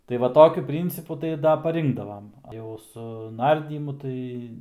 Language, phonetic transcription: Lithuanian, tai ˈva ˈtokiu ˈpryncipu tai ˈda paˈrinkdavam jau su ˈnardymu ˈtai

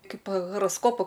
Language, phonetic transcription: Lithuanian, ˈkaip horosˈkopu

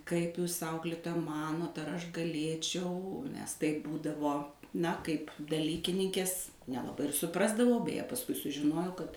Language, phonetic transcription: Lithuanian, kaip ˈjūs ˈauklitoja ˈmanot ar ˈaš gaˈlėčiau mes taip ˈbūdavo ˈna kaip daˈlykininkės nelaˈbai ir suˈprasdavau beˈje pasˈkui sužiˈnojau kad

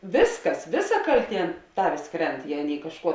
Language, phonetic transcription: Lithuanian, ˈvisˌkas ˈviˌsa ˈkalˌtie ˈtavės ˈkrent ˈjei ˈaˌnėi kažˈkuo

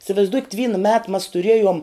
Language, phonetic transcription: Lithuanian, isvaizˈdukit ˈvyna met mas tuˈriejom

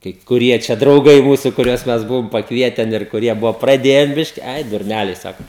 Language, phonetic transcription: Lithuanian, kaip kuˈrie čia drauˈgai ˈmūsu kuˈriuos ˈmes ˈbuvom pakˈvieten ir kuˈrie ˈbuvo praˈdėjen ˈbiški ˈai durˈnæliai ˈsako

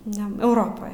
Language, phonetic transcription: Lithuanian, ˈne euˈropoj

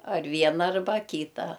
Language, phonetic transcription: Lithuanian, ar ˈviena arˈba ˈkyta

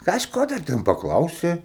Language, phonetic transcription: Lithuanian, kažˈko da ˈten paˈklausė

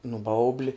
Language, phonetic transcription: Lithuanian, nu ˈbaubli

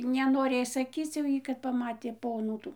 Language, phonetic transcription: Lithuanian, nenoˈrėj saˈkyc jau ˈjy kad paˈmatė ˈponų ˈtų

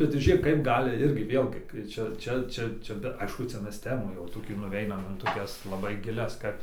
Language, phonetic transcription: Lithuanian, bet tai ˈžėk kaip ˈgali ˈirgi ˈvėlgi kai ˈčia ˈčia ˈčia ˈčia be ˈaišku ˈcia ˈmes ˈtemų jau toˈkių nuˈveinam in toˈkias laˈbai giˈlias ˈkad

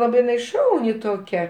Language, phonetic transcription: Lithuanian, ˈlabai ˈšauni toˈkia

